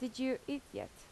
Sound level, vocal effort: 79 dB SPL, normal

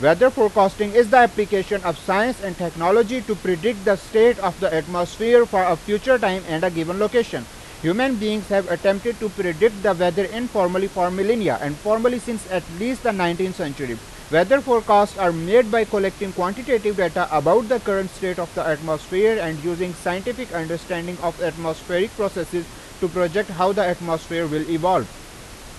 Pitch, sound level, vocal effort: 190 Hz, 95 dB SPL, very loud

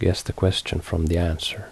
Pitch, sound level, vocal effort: 90 Hz, 72 dB SPL, soft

